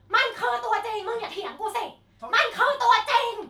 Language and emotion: Thai, angry